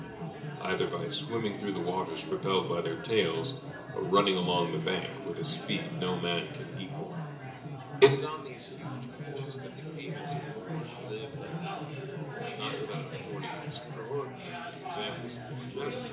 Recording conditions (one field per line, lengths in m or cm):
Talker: one person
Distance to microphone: 1.8 m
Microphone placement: close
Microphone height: 1.0 m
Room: large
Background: babble